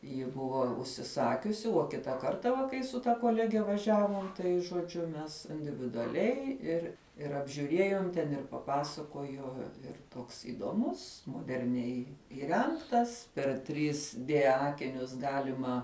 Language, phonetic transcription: Lithuanian, ji ˈbuvo užsiˈsakiusi uo ˈkita ˈkarta va ˈkai su ta koˈlege vaˈžiavom ˈtai žoˈdžiu ˈmes individuaˈliai ˈir ir apžiūˈriejom ten ir paˈpasakojo ir ˈtoks įdoˈmus moderˈniai įˈrengtas per trys dė ˈakinius ˈgalima

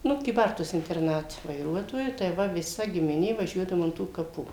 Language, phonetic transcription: Lithuanian, ˈnu kyˈbartuos interˈnate vaiˈruotoju tai ˈva viˈsa gimiˈnė vaˈžiuodavu an ˈtų kaˈpų

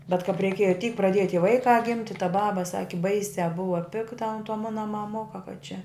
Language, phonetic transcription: Lithuanian, bet kap reiˈkieja tyk praˈdieja tie ˈvaikā ˈgimti ta ˈbaba ˈsaki ˈbaisiā ˈbuva ˈpikta ant to ˈmuna maˈmuka ka čia

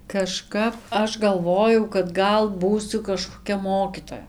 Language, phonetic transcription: Lithuanian, kaˈžkap ˈaš galˈvojau kad ˈgal ˈbūsiu kažkoˈkia ˈmokytoja

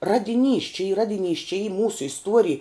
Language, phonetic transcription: Lithuanian, ˈradiˌnys či y ˈradiˌnys či y ˈmūsu isˈtuorij

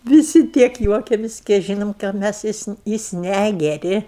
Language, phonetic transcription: Lithuanian, viˈsi ˈtiek ˈjuokiamis' kei ˈžynom ką ˈmæs ˈjis ne jis ˈnægeri

